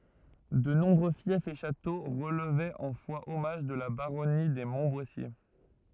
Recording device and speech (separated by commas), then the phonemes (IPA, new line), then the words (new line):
rigid in-ear microphone, read sentence
də nɔ̃bʁø fjɛfz e ʃato ʁəlvɛt ɑ̃ fwaɔmaʒ də la baʁɔni de mɔ̃tbwasje
De nombreux fiefs et châteaux relevaient en foi-hommage de la baronnie des Montboissier.